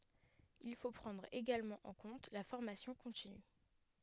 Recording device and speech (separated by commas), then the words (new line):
headset microphone, read sentence
Il faut prendre également en compte la formation continue.